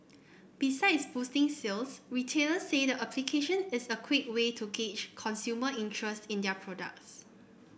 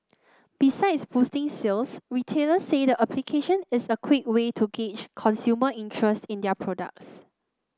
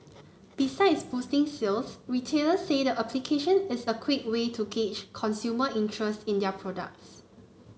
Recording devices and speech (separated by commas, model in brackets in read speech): boundary microphone (BM630), close-talking microphone (WH30), mobile phone (Samsung C9), read sentence